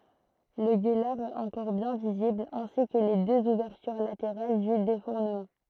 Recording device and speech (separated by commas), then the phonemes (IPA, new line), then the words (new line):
throat microphone, read sentence
lə ɡølaʁ ɛt ɑ̃kɔʁ bjɛ̃ vizibl ɛ̃si kə le døz uvɛʁtyʁ lateʁal dy defuʁnəmɑ̃
Le gueulard est encore bien visible, ainsi que les deux ouvertures latérales du défournement.